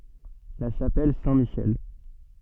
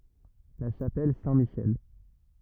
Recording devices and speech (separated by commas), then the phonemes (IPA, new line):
soft in-ear microphone, rigid in-ear microphone, read sentence
la ʃapɛl sɛ̃tmiʃɛl